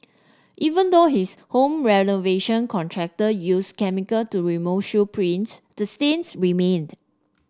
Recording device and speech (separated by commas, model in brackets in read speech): standing microphone (AKG C214), read sentence